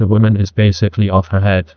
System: TTS, neural waveform model